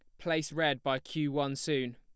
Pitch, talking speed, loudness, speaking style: 145 Hz, 205 wpm, -32 LUFS, plain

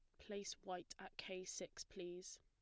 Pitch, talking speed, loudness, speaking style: 185 Hz, 160 wpm, -51 LUFS, plain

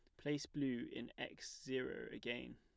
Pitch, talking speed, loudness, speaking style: 140 Hz, 155 wpm, -45 LUFS, plain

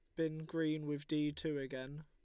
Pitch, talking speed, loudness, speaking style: 150 Hz, 195 wpm, -40 LUFS, Lombard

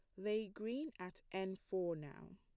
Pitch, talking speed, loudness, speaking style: 190 Hz, 165 wpm, -44 LUFS, plain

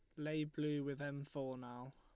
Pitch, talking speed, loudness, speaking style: 145 Hz, 205 wpm, -44 LUFS, Lombard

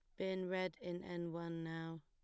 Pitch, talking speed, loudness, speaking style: 175 Hz, 195 wpm, -44 LUFS, plain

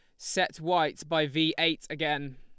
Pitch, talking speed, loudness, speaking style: 160 Hz, 165 wpm, -28 LUFS, Lombard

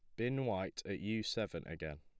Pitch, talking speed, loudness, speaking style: 95 Hz, 200 wpm, -40 LUFS, plain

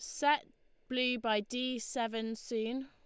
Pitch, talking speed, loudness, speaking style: 245 Hz, 135 wpm, -35 LUFS, Lombard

